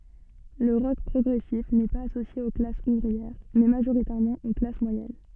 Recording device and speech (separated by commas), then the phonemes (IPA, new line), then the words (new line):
soft in-ear microphone, read sentence
lə ʁɔk pʁɔɡʁɛsif nɛ paz asosje o klasz uvʁiɛʁ mɛ maʒoʁitɛʁmɑ̃ o klas mwajɛn
Le rock progressif n'est pas associé aux classes ouvrières, mais majoritairement aux classes moyennes.